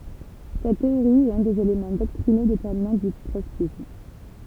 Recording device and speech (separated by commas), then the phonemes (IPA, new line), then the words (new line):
temple vibration pickup, read sentence
sɛt teoʁi ɛt œ̃ dez elemɑ̃ dɔktʁino detɛʁminɑ̃ dy tʁɔtskism
Cette théorie est un des éléments doctrinaux déterminants du trotskysme.